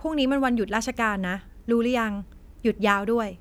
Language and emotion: Thai, neutral